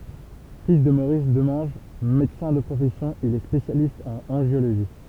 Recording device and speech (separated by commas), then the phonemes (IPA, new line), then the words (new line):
temple vibration pickup, read sentence
fil də moʁis dəmɑ̃ʒ medəsɛ̃ də pʁofɛsjɔ̃ il ɛ spesjalist ɑ̃n ɑ̃ʒjoloʒi
Fils de Maurice Demange, médecin de profession, il est spécialiste en angiologie.